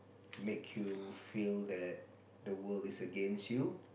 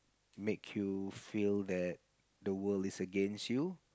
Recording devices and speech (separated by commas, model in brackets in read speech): boundary microphone, close-talking microphone, conversation in the same room